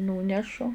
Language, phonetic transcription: Lithuanian, ˈnūnešu

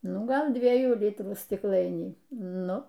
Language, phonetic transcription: Lithuanian, ˈnu ˈgal ˈdviejų ˈlitrų stikˈlainį ˈnu

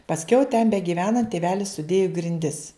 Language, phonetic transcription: Lithuanian, pasˈkiau ten begyˈvenant tėˈvelis suˈdėju grinˈdis

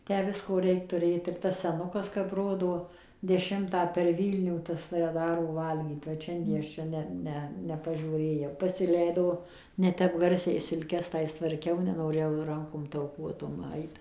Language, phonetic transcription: Lithuanian, ˈtę ˈvisko ˈreik tuˈrėt ir ˈtas seˈnukas kap ˈrodo deˈšimtą per ˈvylnių ˈtas tai ˈdaro ˈvalgyt vat ˈšiandie ˈaš ˈčia ˈne ˈne ˌnepažiūˈrėjau pasiˈleido neˈtep ˈgarsiai silˈkes ˈtais tvarˈkiau nenoˈrėjau ˈrankom tauˈkuotom ˈait

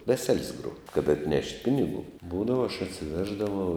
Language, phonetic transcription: Lithuanian, ˈvesel's' gruo kad atˈnešt' ˈpinigų ˈbūdava aš atsiˈveždavau

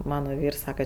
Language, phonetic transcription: Lithuanian, ˈmano ˈvyrs ˈsaka

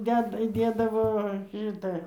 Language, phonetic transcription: Lithuanian, ˈdeda įˈdėdavo ˈšitą

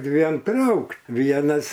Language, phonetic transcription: Lithuanian, ˈdviem ˈtraukt ˈvienas

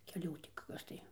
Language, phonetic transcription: Lithuanian, keˈlių ti ˈkas tai

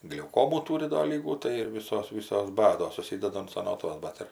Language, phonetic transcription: Lithuanian, gliauˈkomų ˈtūri do ˈlygų tai ir ˈvysos ˈvysos ˈbados suˈsydada an saˈnotvas ˈbat ir

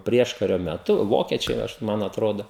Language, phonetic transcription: Lithuanian, ˈprieškario meˈtu ˈvokiečiai ˈaš ˈman atˈrodo

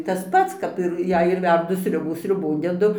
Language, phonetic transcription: Lithuanian, ˈtas ˈpats ˈkap ir ˈjei ir ˈverdu ˈsriubų sriuˈbon deˈdu

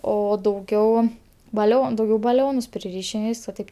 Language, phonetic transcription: Lithuanian, o dauˈgiau baˈlion dauˈgiau baˈlionus priˈryšim ir ˈvys va ˈtaip

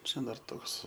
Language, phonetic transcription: Lithuanian, ˈčia dar ˈtoks

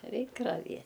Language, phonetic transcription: Lithuanian, ˈreik raˈvie

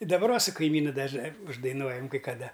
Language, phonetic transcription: Lithuanian, i daˈbar ˈva su kaiˈmynu dažˈnai uždaiˈnuojam kai kaˈda

